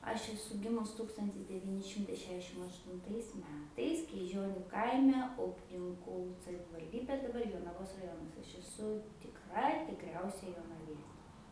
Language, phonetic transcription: Lithuanian, aš eˈsu ˈgimus ˈtūkstantis deˈvyni ˈšimtai ˈšešdešim aštunˈtais ˈmetais kryˈžioniu ˈkaime ˈupninkų savivalˈdybė daˈbar jonaˈvos raˈjonas aš eˈsu tikˈra tikˈriausia jonaˈvie

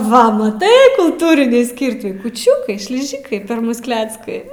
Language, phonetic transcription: Lithuanian, ˈva maˈtai kulˈtūrinį ˈskirtį kūˈčiukai šliˈžikai per ˈmus ˈkleckai

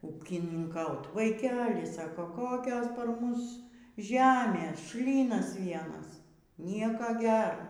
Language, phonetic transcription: Lithuanian, ūkininˈkaut vaiˈkeli ˈsako ˈkokios par ˈmus ˈžemės ˈšlynas ˈvienas ˈnieka ˈger

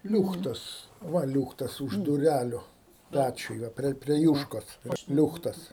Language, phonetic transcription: Lithuanian, ˈliūchtas ˈva ˈliūchtas už duˈræliu ˈpæčiuj ˈva prie prie ˈjūškos ˈliūchtas

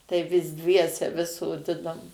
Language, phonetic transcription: Lithuanian, tai vis ˈdviese vis soˈdinom

